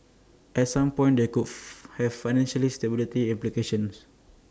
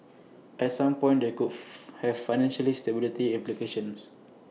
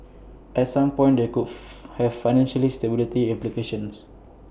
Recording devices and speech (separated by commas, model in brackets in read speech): standing microphone (AKG C214), mobile phone (iPhone 6), boundary microphone (BM630), read sentence